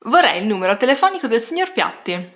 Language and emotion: Italian, neutral